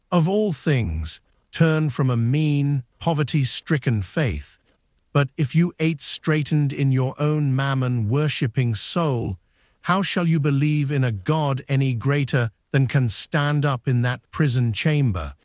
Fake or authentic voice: fake